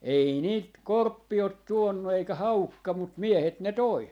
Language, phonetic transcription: Finnish, 'ei niit "korppi ot 'tuonnu eikä "haukka mut "miehet ne 'toi .
- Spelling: ei niitä korppi ole tuonut eikä haukka mutta miehet ne toi

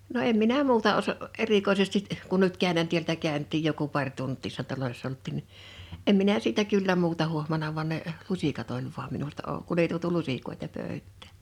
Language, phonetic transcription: Finnish, no 'em minä "muuta oso- , 'erikoisestit̳ , kun nyt 'kä̀ö̭nän tieltä 'kä̀ö̭n̳t̆tiij joku 'paŕ 'tunt̆tii [nii]ssa̳ 'talolois(sa) olt̆tìn ni , em minä siitä 'kyllä 'muuta 'huohmana vᵁan ne , "luśikat oĺ vuam minulta ou- 'kun ‿ei tuotu "lusikoeta 'pö̀ö̭ttᴀ̳̈ .
- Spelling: no en minä muuta - erikoisesti kun nyt käynnän täältä käytiin joku pari tuntia niissä taloissa oltiin niin en minä siitä kyllä muuta huomannut vaan ne lusikat oli vain minulta - kun ei tuotu lusikoita pöytään

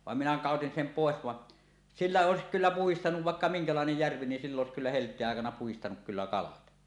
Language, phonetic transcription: Finnish, 'vàem minä "kàotin sem 'pòes vaˀ , "sillä 'òesik kyllä "puhistanuv 'vàekka "miŋkalàenej 'järvi nin s ill ‿òes kyllä "helt̀eeˀ 'ˀàekana puhistanuk kyllä "kalat .
- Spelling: vaan minä kadotin sen pois vaan sillä olisi kyllä puhdistanut vaikka minkälainen järvi niin - sillä olisi kyllä helteen aikana puhdistanut kyllä kalat

